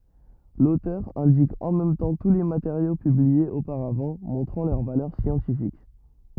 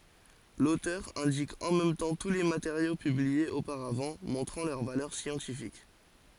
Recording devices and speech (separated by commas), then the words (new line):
rigid in-ear microphone, forehead accelerometer, read sentence
L'auteur indique en même temps tous les matériaux publiés auparavant, montrant leur valeur scientifique.